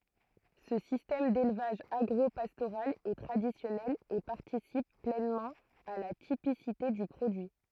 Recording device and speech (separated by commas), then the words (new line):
throat microphone, read sentence
Ce système d'élevage agro-pastoral est traditionnel et participe pleinement à la typicité du produit.